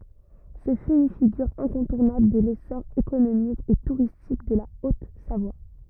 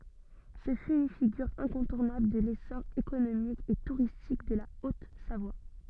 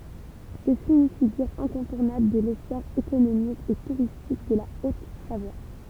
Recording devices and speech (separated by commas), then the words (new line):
rigid in-ear microphone, soft in-ear microphone, temple vibration pickup, read sentence
Ce fut une figure incontournable de l'essor économique et touristique de la Haute-Savoie.